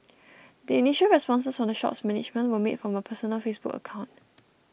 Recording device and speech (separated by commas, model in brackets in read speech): boundary microphone (BM630), read sentence